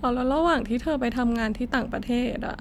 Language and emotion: Thai, sad